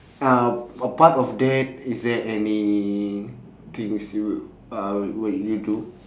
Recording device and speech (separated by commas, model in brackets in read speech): standing microphone, conversation in separate rooms